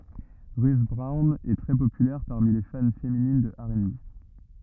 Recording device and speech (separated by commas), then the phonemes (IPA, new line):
rigid in-ear microphone, read sentence
ʁyt bʁɔwn ɛ tʁɛ popylɛʁ paʁmi le fan feminin də ɛʁ e be